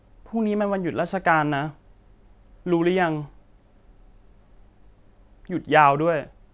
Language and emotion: Thai, frustrated